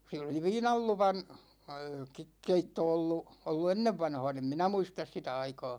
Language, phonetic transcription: Finnish, (siel ‿oli) 'viinal luvan , ke- 'keitto ollu , ollu 'ennevvanha̭a̭n ‿em 'minä "muistas 'sitä aikaa .
- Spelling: siellä oli viinan luvan - keitto ollut ollut ennenvanhaan en minä muista sitä aikaa

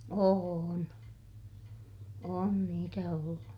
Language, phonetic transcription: Finnish, oon , on niitä ollu .
- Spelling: on on niitä ollut

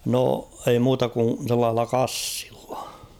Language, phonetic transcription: Finnish, no , ei 'muuta kun̬ sellaah̬ella "kassɪʟʟᴀ .
- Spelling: no ei muuta kuin sellaisella kassilla

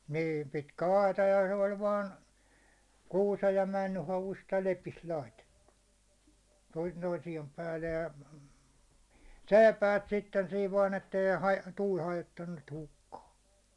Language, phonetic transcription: Finnish, niin̬ , 'pitkä 'aita ja 'se 'oĺ 'vaan , 'kuusej ja 'männy 'havust ja 'lepist laitettu , toin toisiem 'päällej ja , "sèi̬päät 'sitten 'siiv vaan ettei haj- , 'tuul 'hajottannut niit 'hukkaa .
- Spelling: niin pitkä aita ja se oli vain kuusen ja männyn havusta ja lepistä laitettu toinen toisien päälle ja seipäät sitten siinä vain että ei - tuuli hajottanut niitä hukkaan

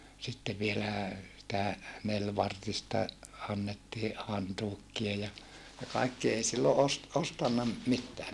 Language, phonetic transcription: Finnish, sitte vielä̀ , sⁱtä , nelvartista , annettii , hantuukkia ja , ja kaikki ei sillo ost- , ostanna m- , mittää .
- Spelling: sitten vielä sitä nelivartista annettiin hantuukia ja ja kaikki ei silloin - ostanut - mitään

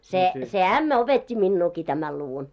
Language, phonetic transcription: Finnish, 'se , se "ämmä opet́t́i 'minnuuki 'tämäl luvun .
- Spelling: se se ämmä opetti minuakin tämän luvun

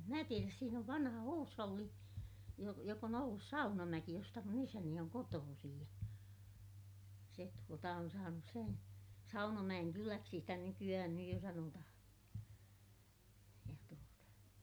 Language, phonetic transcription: Finnish, em mä tieräs - siin ‿ov vanha huusholli , jo- , jok ‿on ‿ ollus Saunamäki josta mun ‿isäni oŋ kotoosij ja , se tuota on saanus sen , Saunamäʲenkyläksi sitä nyky₍ähän nyj jo sanotahaa̰ , ja tuota ,.
- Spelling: en minä tiedä siinä on vanha huusholli - joka on ollut Saunamäki josta minun isäni on kotoisin ja se tuota on saanut sen Saunamäenkyläksi sitä nykyään nyt jo sanotaan ja tuota

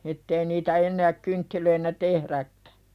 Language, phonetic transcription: Finnish, ettei niitä ennääk 'kynttilöinä "tehðäkkᴀ̈ .
- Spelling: että ei niitä enää kynttilöinä tehdäkään

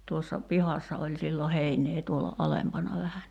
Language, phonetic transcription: Finnish, 'tuossa 'pihassa oĺ sillo 'heiǹee tuola , 'alempana vähä ni ,.
- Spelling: tuossa pihassa oli silloin heinää tuolla alempana vähän niin

